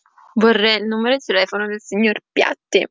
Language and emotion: Italian, neutral